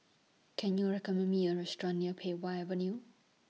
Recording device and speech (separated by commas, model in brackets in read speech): mobile phone (iPhone 6), read sentence